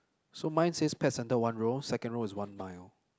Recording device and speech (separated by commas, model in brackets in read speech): close-talking microphone, conversation in the same room